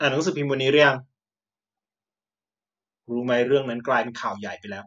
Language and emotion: Thai, frustrated